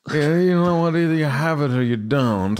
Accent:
posh accent